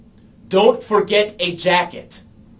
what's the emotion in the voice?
angry